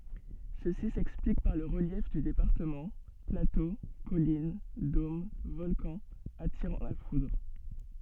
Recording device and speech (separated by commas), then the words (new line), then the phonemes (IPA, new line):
soft in-ear microphone, read sentence
Ceci s'explique par le relief du département, plateaux, collines, dômes, volcans attirant la foudre.
səsi sɛksplik paʁ lə ʁəljɛf dy depaʁtəmɑ̃ plato kɔlin dom vɔlkɑ̃z atiʁɑ̃ la fudʁ